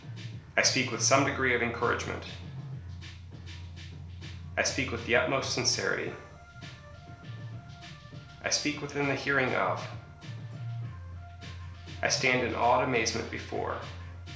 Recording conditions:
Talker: one person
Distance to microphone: 1.0 m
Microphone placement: close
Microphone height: 1.1 m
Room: small (3.7 m by 2.7 m)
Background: music

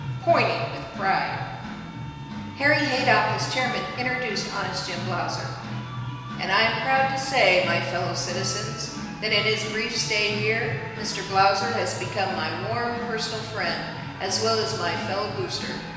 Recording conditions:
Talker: one person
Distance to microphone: 1.7 m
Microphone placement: close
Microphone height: 1.0 m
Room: very reverberant, large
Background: music

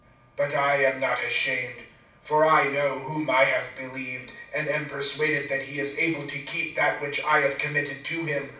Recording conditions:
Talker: one person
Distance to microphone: 5.8 m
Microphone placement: far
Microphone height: 1.8 m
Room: medium-sized (5.7 m by 4.0 m)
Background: none

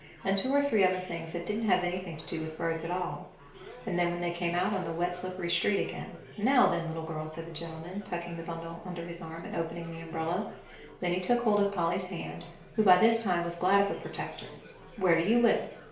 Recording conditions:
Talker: one person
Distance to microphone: 1.0 m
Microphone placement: close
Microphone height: 1.1 m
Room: small (3.7 m by 2.7 m)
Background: babble

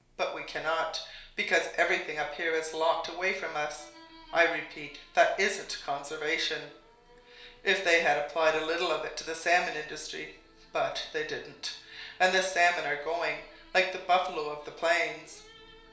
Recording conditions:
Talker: one person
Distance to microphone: 1.0 m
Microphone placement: close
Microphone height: 1.1 m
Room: small (3.7 m by 2.7 m)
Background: television

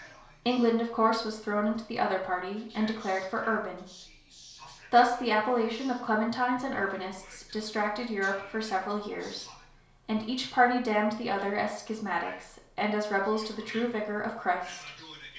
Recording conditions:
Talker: one person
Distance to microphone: 1.0 m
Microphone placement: close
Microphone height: 1.1 m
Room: small (3.7 m by 2.7 m)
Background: television

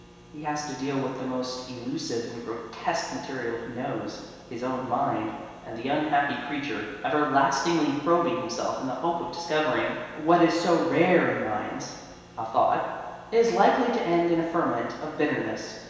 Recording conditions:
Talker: one person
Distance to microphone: 1.7 m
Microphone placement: close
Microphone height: 1.0 m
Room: very reverberant, large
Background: none

